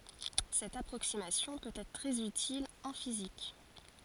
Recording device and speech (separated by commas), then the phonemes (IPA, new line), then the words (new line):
forehead accelerometer, read sentence
sɛt apʁoksimasjɔ̃ pøt ɛtʁ tʁɛz ytil ɑ̃ fizik
Cette approximation peut être très utile en physique.